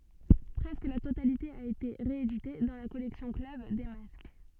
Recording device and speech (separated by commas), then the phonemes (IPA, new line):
soft in-ear microphone, read sentence
pʁɛskə la totalite a ete ʁeedite dɑ̃ la kɔlɛksjɔ̃ klœb de mask